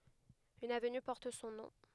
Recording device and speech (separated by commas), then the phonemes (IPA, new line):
headset microphone, read sentence
yn avny pɔʁt sɔ̃ nɔ̃